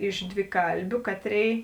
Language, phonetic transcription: Lithuanian, iš dviˈkalbiu ˈkaˌtrėi

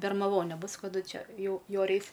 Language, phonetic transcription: Lithuanian, bermaˈvonė ˈbus kaˈdu ˈčia ˈjau ˈjore ˈeis

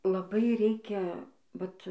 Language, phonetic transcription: Lithuanian, laˈbai ˈreikia ˈvat

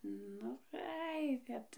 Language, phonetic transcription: Lithuanian, ˈnu ˈai ˈkad

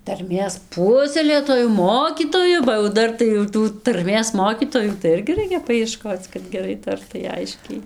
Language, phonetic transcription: Lithuanian, tarˈmės ˈpuoselėtoju ˈmokytoju ba jau ˈdar tai jau ˈtų tarˈmės ˈmokytojų tai ˈirgi ˈraikia paieˈškoc kad geˈrai ˈtartai ˈaiškiai

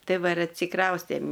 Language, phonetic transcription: Lithuanian, ˈtai ˈva ir atsiˈkraustėm

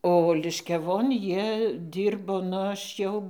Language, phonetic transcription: Lithuanian, o liškiaˈvon ˈjie ˈdyrbo nu ˈaš jau

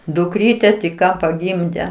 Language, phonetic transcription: Lithuanian, dukˈryte tik ˈką paˈgimde

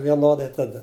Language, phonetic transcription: Lithuanian, vieˈnodai taˈda

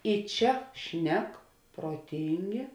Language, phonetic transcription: Lithuanian, i ˈčia ˈšnek proˈtyngė

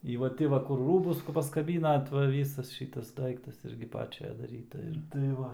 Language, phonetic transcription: Lithuanian, i va ˈti va ˈkur ˈrūbus paskaˈbynat va ˈvysas ˈšytas ˈdaiktas ˈirgi ˈpačia daˈryta ir tai ˈva

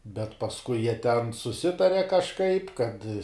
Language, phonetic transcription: Lithuanian, bet pasˈkui jie ten suˈsitare kažˈkaip kad

